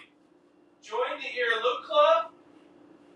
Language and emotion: English, fearful